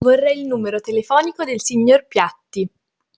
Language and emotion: Italian, neutral